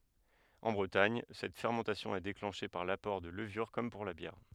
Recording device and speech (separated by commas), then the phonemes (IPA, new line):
headset microphone, read sentence
ɑ̃ bʁətaɲ sɛt fɛʁmɑ̃tasjɔ̃ ɛ deklɑ̃ʃe paʁ lapɔʁ də ləvyʁ kɔm puʁ la bjɛʁ